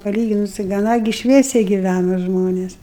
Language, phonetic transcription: Lithuanian, paˈlyginus tai gaˈna gi ˈšviesiai giˈvæno ˈžmonės

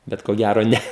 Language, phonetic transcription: Lithuanian, ˈbet ko ˈgæro ˈne

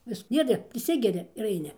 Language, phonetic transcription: Lithuanian, ˈvis ˈdiede priˈsigeri ir aiˈni

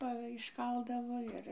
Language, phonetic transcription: Lithuanian, ˈpa išˈkaldavo ˈir

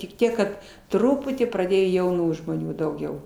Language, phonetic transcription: Lithuanian, tik ˈtiek kad ˈtruputį praˈdėjo jauˈnų žmoˈnių dauˈgiau

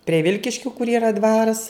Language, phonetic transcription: Lithuanian, prie ˈvilkiškiu kur yˈra ˈdvaras

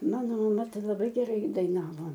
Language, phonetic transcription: Lithuanian, ˈmano maˈma ˈtai laˈbai geˈrai daiˈnavo

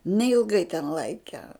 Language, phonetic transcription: Lithuanian, neilˈgai ten ˈlaike

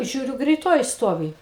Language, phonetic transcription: Lithuanian, ˈžiūriu greiˈtoji ˈstovi

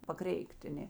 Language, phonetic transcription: Lithuanian, paˈkreikˈt' a ˈnė

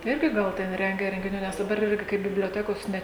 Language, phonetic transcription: Lithuanian, tai ˈirgi ˈgal ˈten ˈrengia rengiˈnių nes daˈbar ˈirgi kai biblioˈtekos ˈne

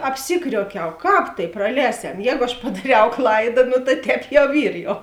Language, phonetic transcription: Lithuanian, apˈsikriuokiau ˈkāp tai praˈlēsem ˈjēgu aš padaˈriau ˈklaida no ta ˈtēp jau ˈyr jau

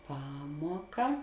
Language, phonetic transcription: Lithuanian, ˈpamuoka

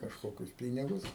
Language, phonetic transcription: Lithuanian, kažˈkokius ˈpynigus

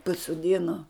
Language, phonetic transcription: Lithuanian, pasoˈdino

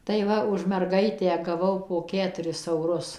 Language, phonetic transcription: Lithuanian, tai ˈva už merˈgaitę gaˈvau po ˈketuris auˈrus

